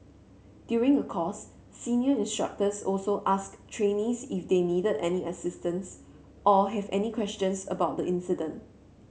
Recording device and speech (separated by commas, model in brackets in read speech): mobile phone (Samsung C7), read sentence